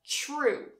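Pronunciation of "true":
In 'true', the t and r are combined, so the start sounds more like a ch sound than a t sound.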